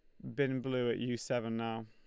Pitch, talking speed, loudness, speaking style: 120 Hz, 245 wpm, -36 LUFS, Lombard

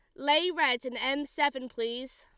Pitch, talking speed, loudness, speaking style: 270 Hz, 180 wpm, -29 LUFS, Lombard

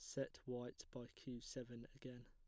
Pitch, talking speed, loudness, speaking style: 125 Hz, 175 wpm, -52 LUFS, plain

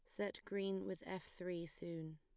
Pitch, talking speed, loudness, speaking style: 185 Hz, 185 wpm, -46 LUFS, plain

